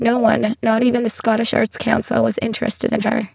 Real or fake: fake